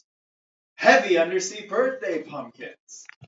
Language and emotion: English, neutral